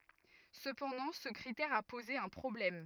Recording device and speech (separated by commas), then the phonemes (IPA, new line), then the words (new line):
rigid in-ear microphone, read sentence
səpɑ̃dɑ̃ sə kʁitɛʁ a poze œ̃ pʁɔblɛm
Cependant, ce critère a posé un problème.